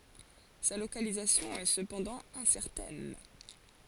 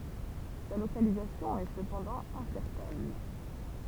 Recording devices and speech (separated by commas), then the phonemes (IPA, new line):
forehead accelerometer, temple vibration pickup, read sentence
sa lokalizasjɔ̃ ɛ səpɑ̃dɑ̃ ɛ̃sɛʁtɛn